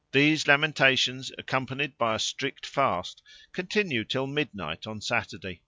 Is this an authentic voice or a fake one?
authentic